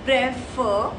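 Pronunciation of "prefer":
'Prefer' is pronounced incorrectly here.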